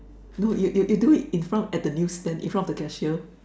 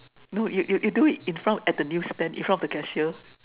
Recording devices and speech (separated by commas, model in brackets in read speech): standing microphone, telephone, conversation in separate rooms